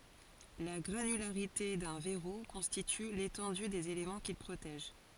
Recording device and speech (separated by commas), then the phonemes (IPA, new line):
forehead accelerometer, read sentence
la ɡʁanylaʁite dœ̃ vɛʁu kɔ̃stity letɑ̃dy dez elemɑ̃ kil pʁotɛʒ